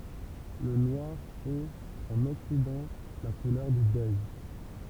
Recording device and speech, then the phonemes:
temple vibration pickup, read sentence
lə nwaʁ ɛt ɑ̃n ɔksidɑ̃ la kulœʁ dy dœj

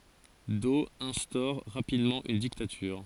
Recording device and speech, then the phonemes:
forehead accelerometer, read sentence
dɔ ɛ̃stɔʁ ʁapidmɑ̃ yn diktatyʁ

